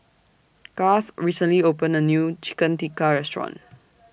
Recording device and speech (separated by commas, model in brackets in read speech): boundary microphone (BM630), read sentence